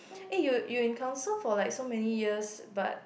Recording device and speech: boundary microphone, conversation in the same room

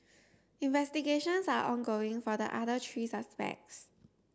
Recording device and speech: standing microphone (AKG C214), read sentence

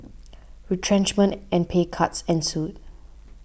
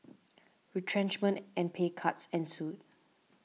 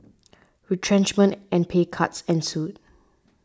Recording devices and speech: boundary microphone (BM630), mobile phone (iPhone 6), standing microphone (AKG C214), read sentence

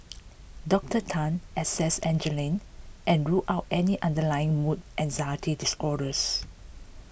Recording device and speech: boundary microphone (BM630), read sentence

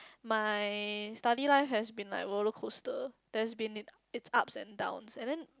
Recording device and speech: close-talking microphone, conversation in the same room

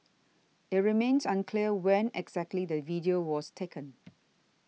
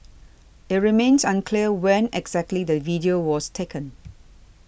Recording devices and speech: mobile phone (iPhone 6), boundary microphone (BM630), read sentence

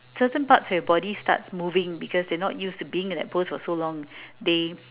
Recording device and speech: telephone, conversation in separate rooms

